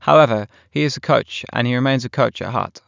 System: none